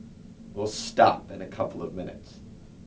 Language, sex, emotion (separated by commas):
English, male, angry